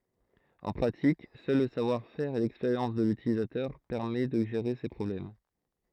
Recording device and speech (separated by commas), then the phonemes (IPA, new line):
throat microphone, read sentence
ɑ̃ pʁatik sœl lə savwaʁfɛʁ e lɛkspeʁjɑ̃s də lytilizatœʁ pɛʁmɛ də ʒeʁe se pʁɔblɛm